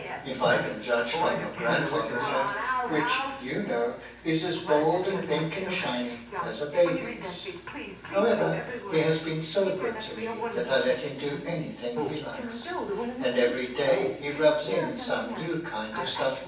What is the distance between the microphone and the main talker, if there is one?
9.8 m.